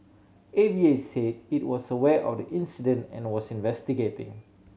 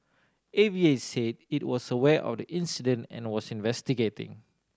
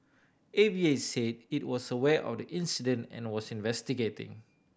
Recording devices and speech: mobile phone (Samsung C7100), standing microphone (AKG C214), boundary microphone (BM630), read sentence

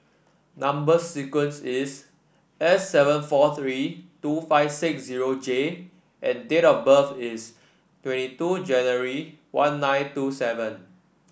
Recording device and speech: boundary microphone (BM630), read sentence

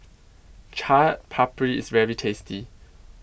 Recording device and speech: boundary microphone (BM630), read sentence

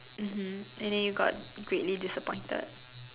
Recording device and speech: telephone, conversation in separate rooms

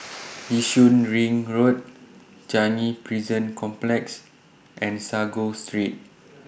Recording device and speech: boundary microphone (BM630), read sentence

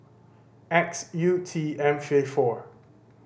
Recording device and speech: boundary microphone (BM630), read sentence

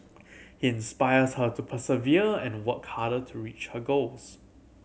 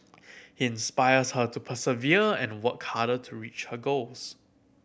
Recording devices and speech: mobile phone (Samsung C7100), boundary microphone (BM630), read sentence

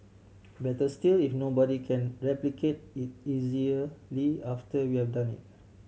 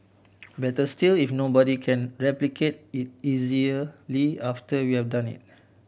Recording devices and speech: mobile phone (Samsung C7100), boundary microphone (BM630), read sentence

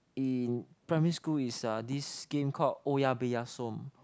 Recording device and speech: close-talking microphone, conversation in the same room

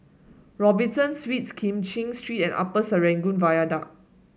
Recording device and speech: mobile phone (Samsung S8), read sentence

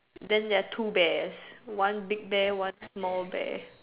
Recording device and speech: telephone, conversation in separate rooms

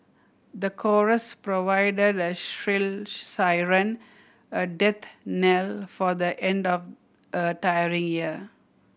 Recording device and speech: boundary microphone (BM630), read sentence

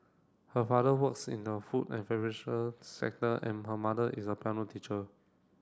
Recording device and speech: standing microphone (AKG C214), read sentence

